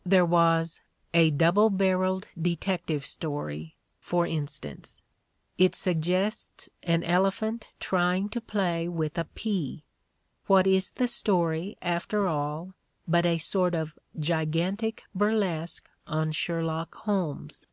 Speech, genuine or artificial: genuine